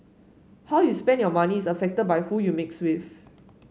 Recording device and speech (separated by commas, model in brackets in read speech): mobile phone (Samsung S8), read sentence